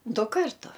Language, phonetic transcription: Lithuanian, ˈdu ˈkartu

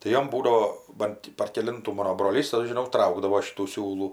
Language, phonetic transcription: Lithuanian, tai ˈjom ˈbūdavo ˈban ti par keˈlintų ˈmano broˈlys aš žiˈnau ˈtraukdavo ˈšitų ˈsiūlų

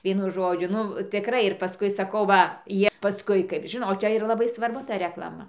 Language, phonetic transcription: Lithuanian, ˈvienu ˈžodžiu ˈnu tiˈkrai ir paˈskui saˈkau ˈva ˈjie paˈskui kaip ˈžinot o ˈčia iˈra laˈbai svarˈbu ˈta reklaˈma

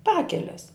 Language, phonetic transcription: Lithuanian, ˈpakeles

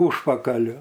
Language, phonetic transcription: Lithuanian, ˈužpakaliu

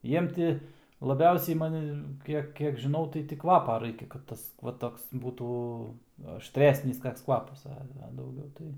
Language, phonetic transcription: Lithuanian, ˈjiem ti laˈbiausiai maˈni ˈkiek ˈkiek žiˈnau tai ti ˈkvapa ˈraikia kad ˈtas va ˈtoks ˈbūtų ašˈtresnis ˈkaks ˈkvapas ˈa a dauˈgiau tai

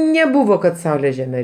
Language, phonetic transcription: Lithuanian, neˈbuvo kad ˈsaulė žeˈme

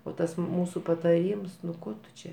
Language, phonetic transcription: Lithuanian, o ˈtas ˈmūsu pataˈryms nu ˈko tu ˈčia

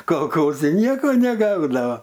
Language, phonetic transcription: Lithuanian, kolˈkozi ˈnieko neˈgaudava

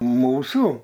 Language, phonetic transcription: Lithuanian, ˈmūsų

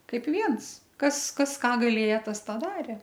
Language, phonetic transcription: Lithuanian, ˈkaip ˈviens ˈkas ˈkas ˈką gaˈlėja ˈtas tą ˈdarė

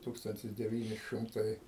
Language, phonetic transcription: Lithuanian, ˈtūkstantis deˈvyni ˈšɨmtai

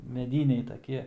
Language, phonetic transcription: Lithuanian, meˈdyniai taˈkie

